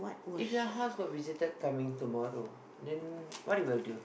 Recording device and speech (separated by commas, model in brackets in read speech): boundary microphone, conversation in the same room